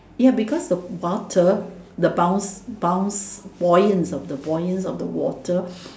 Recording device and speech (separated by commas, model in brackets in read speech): standing microphone, conversation in separate rooms